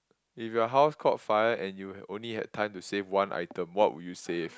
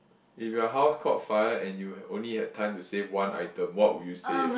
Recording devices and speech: close-talking microphone, boundary microphone, conversation in the same room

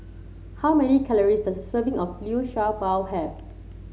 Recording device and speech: mobile phone (Samsung C7), read sentence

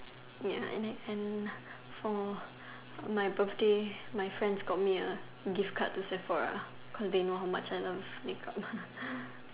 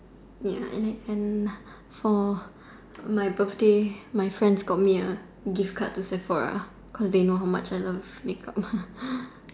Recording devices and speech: telephone, standing microphone, conversation in separate rooms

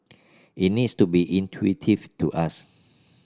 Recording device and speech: standing microphone (AKG C214), read sentence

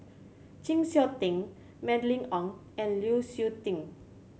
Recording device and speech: mobile phone (Samsung C7100), read sentence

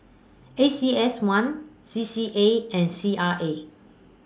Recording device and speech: standing microphone (AKG C214), read sentence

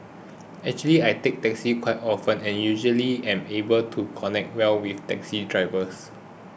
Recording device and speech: boundary microphone (BM630), read sentence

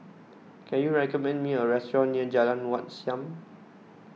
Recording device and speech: mobile phone (iPhone 6), read sentence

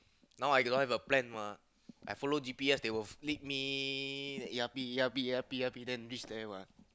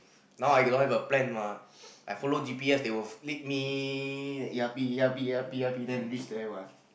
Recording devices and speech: close-talking microphone, boundary microphone, conversation in the same room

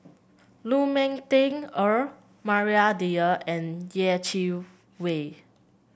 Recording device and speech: boundary microphone (BM630), read sentence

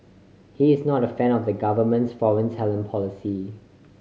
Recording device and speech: mobile phone (Samsung C5010), read sentence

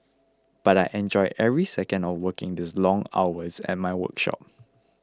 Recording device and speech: close-talking microphone (WH20), read sentence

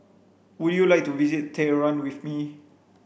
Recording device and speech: boundary microphone (BM630), read sentence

